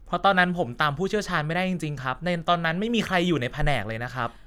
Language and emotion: Thai, frustrated